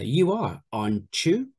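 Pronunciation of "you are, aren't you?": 'Aren't you' is said with coalescence, so a ch sound is heard in it.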